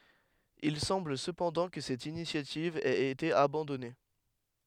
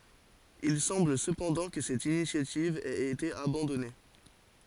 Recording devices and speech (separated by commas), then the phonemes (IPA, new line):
headset microphone, forehead accelerometer, read sentence
il sɑ̃bl səpɑ̃dɑ̃ kə sɛt inisjativ ɛt ete abɑ̃dɔne